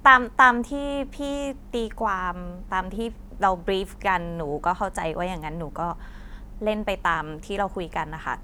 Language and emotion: Thai, frustrated